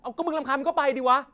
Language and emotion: Thai, angry